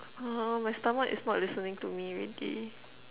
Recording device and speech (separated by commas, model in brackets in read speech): telephone, conversation in separate rooms